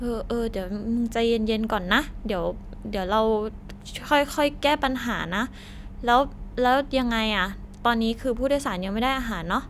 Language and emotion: Thai, frustrated